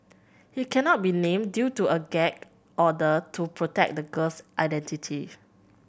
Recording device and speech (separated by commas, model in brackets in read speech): boundary microphone (BM630), read sentence